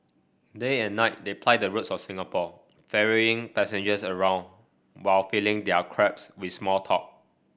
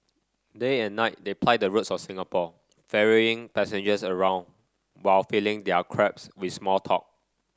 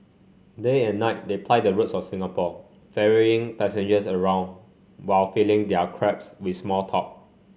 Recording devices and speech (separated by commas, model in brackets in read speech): boundary microphone (BM630), standing microphone (AKG C214), mobile phone (Samsung C5), read sentence